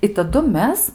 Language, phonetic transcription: Lithuanian, i taˈdu ˈmes

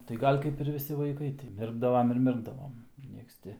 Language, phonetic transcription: Lithuanian, tai ˈgal' kaip ir viˈsi vaiˈkai ti ˈmirkdavam ir ˈmirkdavom ˈnieks ˈti

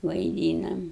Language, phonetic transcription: Lithuanian, vaiˈdynam

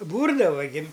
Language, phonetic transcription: Lithuanian, ˈbūrdava gi

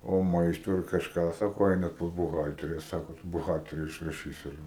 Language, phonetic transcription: Lithuanian, o ˈmaisto ir kažˈką ˈsako ˈeinat pas buˈhaltere ˈsako buˈhalteri išraˈšys ir

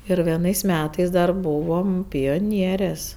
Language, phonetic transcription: Lithuanian, ir vieˈnais ˈmetais dar ˈbuvom pioˈnierės

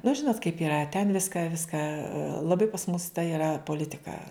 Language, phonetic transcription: Lithuanian, nu ˈžinot kaip iˈra ten ˈviską ˈviską laˈbai pas mus ta iˈra poˈlitika

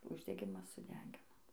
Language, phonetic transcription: Lithuanian, uždeˈgimas suˈdegino

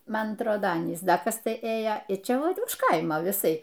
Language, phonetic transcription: Lithuanian, ˈman atˈrodo ˈanys ˈda ˈkas ˈtai ˈėjo ir ˈčia ˈvat už ˈkaimo viˈsai

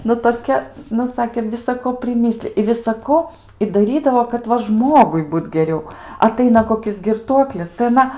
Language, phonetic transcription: Lithuanian, ˈnu toˈkia ˈnu ˈsakė visaˈko priˈmislij i visaˈko i daˈrydavo kad ˈva ˈžmogui ˈbūt geˈriau aˈtaina koˈkis girˈtuoklis tai aˈna

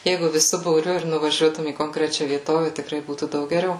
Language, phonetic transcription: Lithuanian, ˈjeigu viˈsu būˈriu ir nuvaˈžiuotum į konkˈrečia vieˈtove tikˈrai ˈbūtų ˈdaug geˈriau

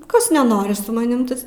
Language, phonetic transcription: Lithuanian, ˈkas neˈnori su maˈnim ˈtas

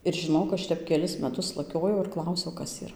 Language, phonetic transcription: Lithuanian, ir žiˈnok ˈaš ˈtep keˈlis meˈtus laˈkiojau ir ˈklausiau ˈkas yˈra

